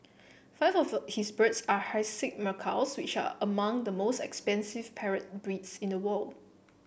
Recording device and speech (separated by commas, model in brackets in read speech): boundary microphone (BM630), read sentence